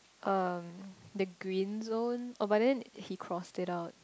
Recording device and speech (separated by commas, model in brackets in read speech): close-talking microphone, conversation in the same room